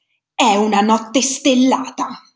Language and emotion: Italian, angry